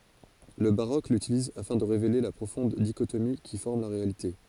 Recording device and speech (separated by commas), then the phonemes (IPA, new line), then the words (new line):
forehead accelerometer, read sentence
lə baʁok lytiliz afɛ̃ də ʁevele la pʁofɔ̃d diʃotomi ki fɔʁm la ʁealite
Le baroque l'utilise afin de révéler la profonde dichotomie qui forme la réalité.